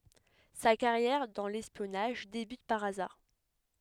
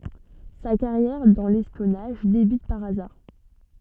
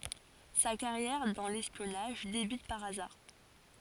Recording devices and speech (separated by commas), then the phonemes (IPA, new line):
headset microphone, soft in-ear microphone, forehead accelerometer, read sentence
sa kaʁjɛʁ dɑ̃ lɛspjɔnaʒ debyt paʁ azaʁ